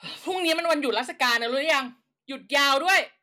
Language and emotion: Thai, angry